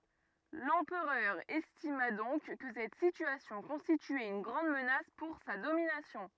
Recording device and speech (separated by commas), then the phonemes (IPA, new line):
rigid in-ear microphone, read sentence
lɑ̃pʁœʁ ɛstima dɔ̃k kə sɛt sityasjɔ̃ kɔ̃stityɛt yn ɡʁɑ̃d mənas puʁ sa dominasjɔ̃